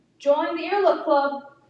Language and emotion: English, sad